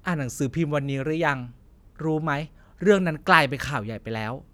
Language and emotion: Thai, angry